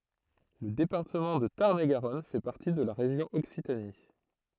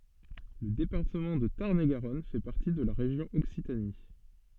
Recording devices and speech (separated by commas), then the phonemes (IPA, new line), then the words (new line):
throat microphone, soft in-ear microphone, read sentence
lə depaʁtəmɑ̃ də taʁn e ɡaʁɔn fɛ paʁti də la ʁeʒjɔ̃ ɔksitani
Le département de Tarn-et-Garonne fait partie de la région Occitanie.